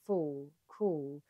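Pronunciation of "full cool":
In 'full' and 'cool', the final L is a velarized L, but not a heavy one.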